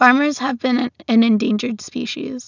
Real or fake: real